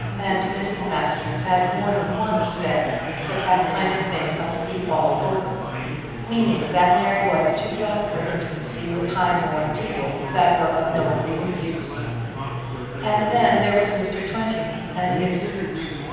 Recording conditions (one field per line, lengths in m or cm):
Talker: one person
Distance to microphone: 7.1 m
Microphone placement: far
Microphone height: 1.7 m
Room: very reverberant, large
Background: babble